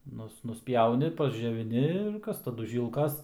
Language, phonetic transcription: Lithuanian, ˈnus nusˈpjauni pasdžioviˈni ir ˈkas taˈdu ˈžylkas

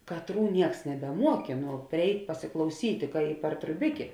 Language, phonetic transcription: Lithuanian, kaˈtrų ˈnieks nebeˈmuokė nu priˈeit' pasiklauˈsyt' ka i par truˈbikė

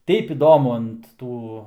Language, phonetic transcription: Lithuanian, ˈteip iˈdomu ant ˈtų

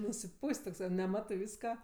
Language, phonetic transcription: Lithuanian, nusiˈpūs't' tokˈsai neˈmatɜ ˈvyska

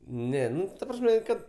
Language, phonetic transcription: Lithuanian, ˈne ˈnu ta ˈprasme ˈkad

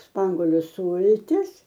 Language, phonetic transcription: Lithuanian, ˈspangoliu ˈsūltis

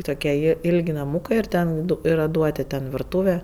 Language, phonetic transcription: Lithuanian, ˈtokie ˈji ˈilg' naˈmūkɜ ir ˈten ˈdu ˈyra ˈduoti ten virˈtūve

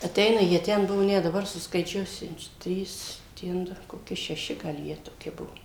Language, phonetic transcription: Lithuanian, aˈteina jie ˈten ˈbuvo ˈnet daˈbar suskaiˈčiuosiu ˈtrys ˈten du koˈki šeˈši gal ˈjie toˈki ˈbuo

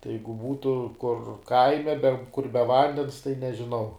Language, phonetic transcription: Lithuanian, tai ˈjeigu ˈbūtu kur ˈkaime be kur be ˈvandens tai nežiˈnau

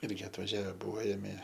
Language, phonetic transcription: Lithuanian, ˈirgi atvaˈžiave ˈbuo ˈėmė

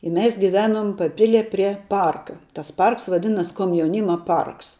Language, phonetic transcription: Lithuanian, i ˈmes giˈvenum paˈpilie prie ˈparka tas ˈparks vaˈdinas komjauˈnyma ˈparks

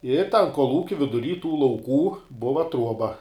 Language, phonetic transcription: Lithuanian, i tan kolˈūki viduˈry tų lauˈkų ˈbuva ˈtruoba

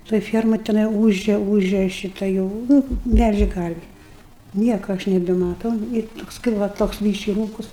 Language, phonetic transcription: Lithuanian, toj ˈfiermaj teˈnai ˈūžia ˈūžia ˈšita jau ˈnu ˈmelžė ˈkarvi ˈnieko ˈaš nebemaˈtau ir ˈtoks kaip ˈva toks ˈbyški ˈrūkus

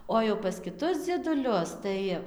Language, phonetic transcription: Lithuanian, ˌo jau pas kiˈtus dzieduˈlius ˈtai

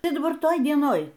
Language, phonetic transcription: Lithuanian, ˈtai daˈbar ˈtoj dieˈnoj

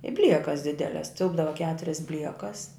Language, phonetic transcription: Lithuanian, i ˈbliekas ˈdideles ˈtilpdava ˈketurias ˈbliekas

